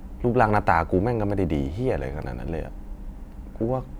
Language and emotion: Thai, frustrated